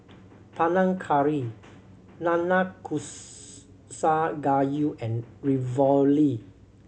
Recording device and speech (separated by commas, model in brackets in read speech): mobile phone (Samsung C7100), read sentence